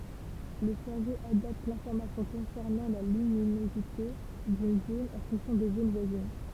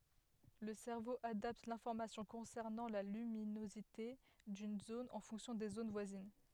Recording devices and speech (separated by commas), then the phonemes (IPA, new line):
temple vibration pickup, headset microphone, read sentence
lə sɛʁvo adapt lɛ̃fɔʁmasjɔ̃ kɔ̃sɛʁnɑ̃ la lyminozite dyn zon ɑ̃ fɔ̃ksjɔ̃ de zon vwazin